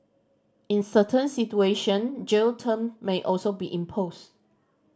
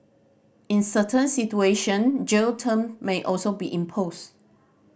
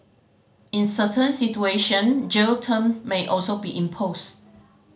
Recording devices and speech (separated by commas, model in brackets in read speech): standing microphone (AKG C214), boundary microphone (BM630), mobile phone (Samsung C5010), read sentence